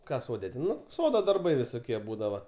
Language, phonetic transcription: Lithuanian, ˈką ˈsode ten ˈnu ˈsodo darˈbai visoˈkie ˈbūdava

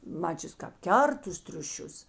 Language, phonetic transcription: Lithuanian, ˈmačius kap ˈkert tus triuˈšius

